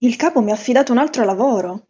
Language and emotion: Italian, surprised